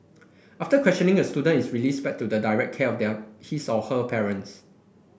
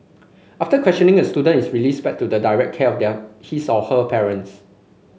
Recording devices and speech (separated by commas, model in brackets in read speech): boundary microphone (BM630), mobile phone (Samsung C5), read sentence